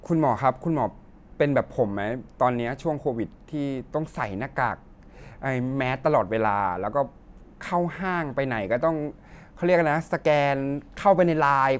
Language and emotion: Thai, frustrated